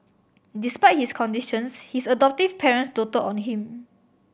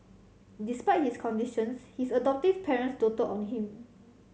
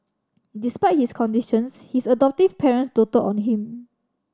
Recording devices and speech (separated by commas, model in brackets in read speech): boundary microphone (BM630), mobile phone (Samsung C7100), standing microphone (AKG C214), read sentence